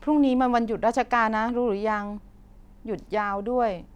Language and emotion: Thai, neutral